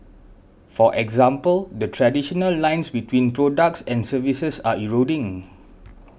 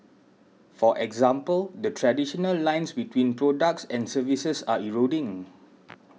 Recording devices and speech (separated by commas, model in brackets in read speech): boundary microphone (BM630), mobile phone (iPhone 6), read sentence